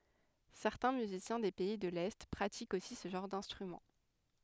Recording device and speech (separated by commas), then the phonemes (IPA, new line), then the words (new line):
headset microphone, read sentence
sɛʁtɛ̃ myzisjɛ̃ de pɛi də lɛ pʁatikt osi sə ʒɑ̃ʁ dɛ̃stʁymɑ̃
Certains musiciens des pays de l'Est pratiquent aussi ce genre d'instrument.